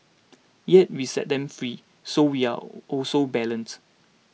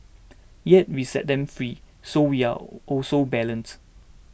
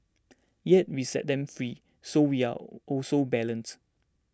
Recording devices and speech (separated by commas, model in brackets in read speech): mobile phone (iPhone 6), boundary microphone (BM630), standing microphone (AKG C214), read sentence